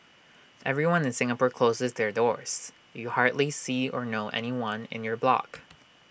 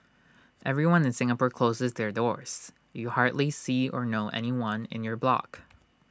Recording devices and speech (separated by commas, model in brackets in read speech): boundary microphone (BM630), standing microphone (AKG C214), read sentence